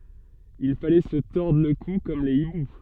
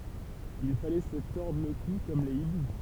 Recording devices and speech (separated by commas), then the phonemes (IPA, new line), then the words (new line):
soft in-ear microphone, temple vibration pickup, read sentence
il falɛ sə tɔʁdʁ lə ku kɔm le ibu
Il fallait se tordre le cou comme les hiboux.